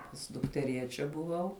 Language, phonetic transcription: Lithuanian, pas dukteˈriečia buˈvau

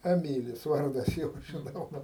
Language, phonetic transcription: Lithuanian, eˈmylis ˈvardas ˈjo žiˈnau ˈva

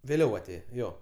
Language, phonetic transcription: Lithuanian, vėˈliau aˈtėje ˈjo

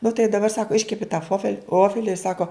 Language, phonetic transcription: Lithuanian, nu tai daˈbar ˈsako ˈiškepi ta ˈfofel' ˈvofeli ir ˈsako

